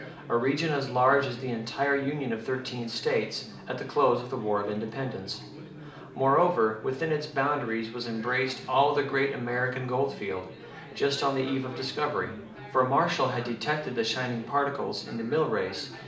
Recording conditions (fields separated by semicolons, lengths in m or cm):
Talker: one person; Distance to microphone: 2.0 m; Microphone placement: close; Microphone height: 99 cm; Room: medium-sized (5.7 m by 4.0 m); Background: babble